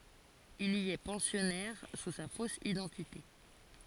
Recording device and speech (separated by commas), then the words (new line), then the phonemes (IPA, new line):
forehead accelerometer, read sentence
Il y est pensionnaire sous sa fausse identité.
il i ɛ pɑ̃sjɔnɛʁ su sa fos idɑ̃tite